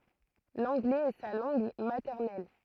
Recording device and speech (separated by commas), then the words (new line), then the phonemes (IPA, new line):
throat microphone, read sentence
L'anglais est sa langue maternelle.
lɑ̃ɡlɛz ɛ sa lɑ̃ɡ matɛʁnɛl